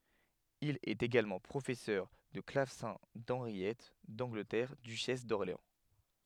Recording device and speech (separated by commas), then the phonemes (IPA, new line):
headset microphone, read sentence
il ɛt eɡalmɑ̃ pʁofɛsœʁ də klavsɛ̃ dɑ̃ʁjɛt dɑ̃ɡlətɛʁ dyʃɛs dɔʁleɑ̃